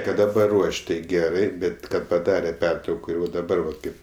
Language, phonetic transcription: Lithuanian, ˈkad daˈbar ˈruoš' ˈtai ˈgerai ˈbet ˈkad paˈdare ˈpertrauko ir va daˈbar vat ˈkaip

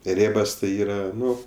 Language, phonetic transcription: Lithuanian, ˈrėbas tai ˈyra ˈnu

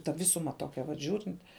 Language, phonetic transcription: Lithuanian, ta ˈvisuma ˈtokia vat ˈžiūrint

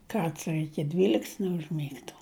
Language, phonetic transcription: Lithuanian, ˈkarts ir iki ˈdvylikts neužˈmygtu

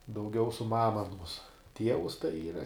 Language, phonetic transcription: Lithuanian, dauˈgiau su ˈmama aˈnos ˈtievus tai ˈyra

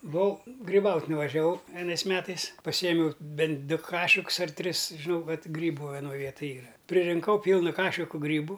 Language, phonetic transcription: Lithuanian, buˈvau griˈbaut' nuvažiaˈvau vieˈnais ˈmetais paˈsyjemiau ˈbent ˈdu ˈkašikus ar ˈtris žiˈnau ˈkad ˈgrybu veˈnoj ˈvietaj ˈyra pririnˈkau ˈpylna ˈkašiku ˈgrybu

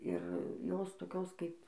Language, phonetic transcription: Lithuanian, ir ˈjos toˈkios kaip

